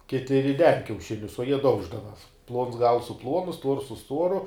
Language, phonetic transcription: Lithuanian, ˈkiti riˈden kiauˈšinius o jie ˈdauždava plons gals su ˈpluonu stuors su ˈstuoru

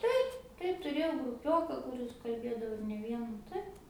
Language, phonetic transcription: Lithuanian, ˈtaip ˈtaip tuˈrėjau gruˈpioka kuˈris kalˈbėdavo ir ne ˈviena ˈtaip

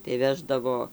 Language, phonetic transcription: Lithuanian, tai ˈveždavo

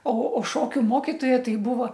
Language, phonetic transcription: Lithuanian, o o ˈšokiu ˈmokitoja ˈtai ˈbūvo

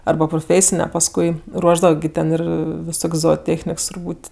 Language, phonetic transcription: Lithuanian, ˈarba pruˈfėsine pasˈkui ˈruošdava gi ˈten ˈir viˈsok's' zooˈtėchniks turˈbūt'

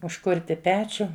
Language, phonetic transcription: Lithuanian, užˈkurti ˈpečiu

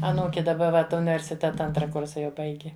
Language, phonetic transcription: Lithuanian, aˈnūki daˈba ˈvat universiˈteta ˈantra ˈkursa jau ˈbaigi

